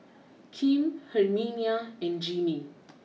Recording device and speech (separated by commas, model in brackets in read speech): mobile phone (iPhone 6), read sentence